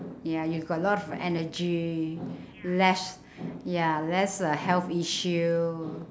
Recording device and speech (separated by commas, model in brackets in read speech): standing microphone, conversation in separate rooms